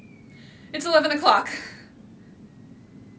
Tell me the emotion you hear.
fearful